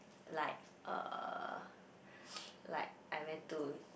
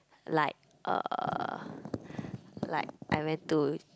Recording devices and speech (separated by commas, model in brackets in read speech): boundary microphone, close-talking microphone, conversation in the same room